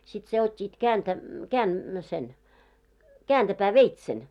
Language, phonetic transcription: Finnish, sit se ot́t́iit 'kääntä- 'kään- sen , 'kääntäpää"veitsen .
- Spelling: sitten sen ottivat - - sen kääntöpääveitsen

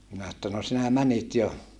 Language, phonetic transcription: Finnish, minä että » no sinä mänit jo ?
- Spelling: minä että no sinä menit jo

